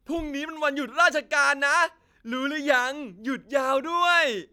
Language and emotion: Thai, happy